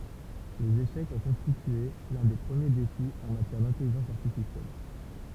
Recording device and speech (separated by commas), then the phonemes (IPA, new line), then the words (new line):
temple vibration pickup, read sentence
lez eʃɛkz ɔ̃ kɔ̃stitye lœ̃ de pʁəmje defi ɑ̃ matjɛʁ dɛ̃tɛliʒɑ̃s aʁtifisjɛl
Les échecs ont constitué l'un des premiers défis en matière d'intelligence artificielle.